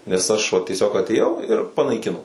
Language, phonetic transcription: Lithuanian, nes ˈaš va tieˈsiog atėˈjau ir panaiˈkino

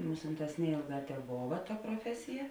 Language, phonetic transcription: Lithuanian, ˈmusinˌtās ˈneėlˌgā teˈbova ta proˈfesija

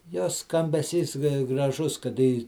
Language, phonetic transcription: Lithuanian, ˈjos skambeˈsys graˈžus kaˈda į

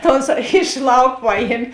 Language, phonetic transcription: Lithuanian, ta ˈonˌsā iš ˈlauk ˈpaˌjiem'

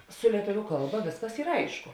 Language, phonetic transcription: Lithuanian, su lieˈtuviu ˈkalˌba ˈvėsˌkas ˈyr ˈaišku

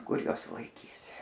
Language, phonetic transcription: Lithuanian, ˈkur ˈjuos laiˈkys

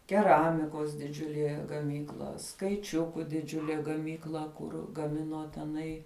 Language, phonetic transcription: Lithuanian, keˈramikos diˈdžiulie gaˈmykla skaiˈčiuku diˈdžiulė gaˈmykla ˈkur gaˈmino teˈnai

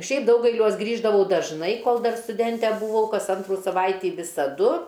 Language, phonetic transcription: Lithuanian, ˈšiaip ˈdaugailiuos ˈgrįždavau dažˈnai ˈkol ˈdar stuˈdente buˈvau ˈkas ˈantrų saˈvaitį visaˈdu

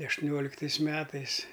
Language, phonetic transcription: Lithuanian, aštuˈnioliktais ˈmetais

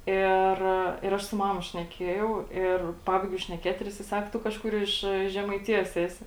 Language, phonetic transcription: Lithuanian, ˈir ir ˈaš su ˈmama šneˈkiejau ˈir ˈpabaigiau šneˈkėt ir ˈjisai ˈsak ˈtu kažˈkur ˈiš žemaiˈtijos ˈesi

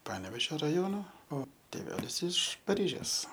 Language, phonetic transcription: Lithuanian, ˈpanevėžio raˈjono o tėˈvelis iš paˈryžės

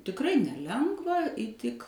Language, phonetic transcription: Lithuanian, tikˈrai neˈlengva įˈtik

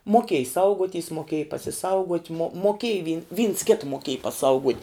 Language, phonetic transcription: Lithuanian, moˈkėj ˈsauguoˌtys moˈkėj pasiˈsauguot' mo moˈkėj vi vyns kit moˈkėj paˈsauguot'

